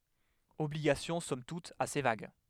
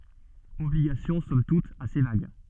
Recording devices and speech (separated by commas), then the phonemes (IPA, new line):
headset microphone, soft in-ear microphone, read sentence
ɔbliɡasjɔ̃ sɔm tut ase vaɡ